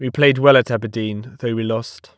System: none